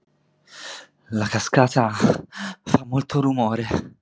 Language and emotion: Italian, fearful